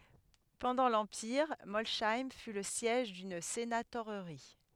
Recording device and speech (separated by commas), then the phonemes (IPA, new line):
headset microphone, read sentence
pɑ̃dɑ̃ lɑ̃piʁ mɔlʃɛm fy lə sjɛʒ dyn senatoʁʁi